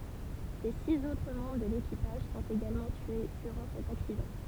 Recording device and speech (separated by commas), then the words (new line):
temple vibration pickup, read sentence
Les six autres membres de l'équipage sont également tués durant cet accident.